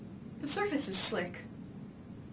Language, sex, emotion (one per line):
English
female
neutral